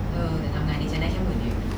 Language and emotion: Thai, frustrated